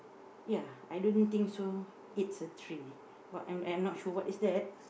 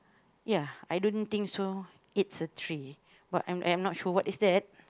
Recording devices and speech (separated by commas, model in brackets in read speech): boundary microphone, close-talking microphone, conversation in the same room